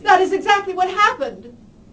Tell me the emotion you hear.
fearful